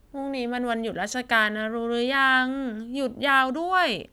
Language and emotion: Thai, frustrated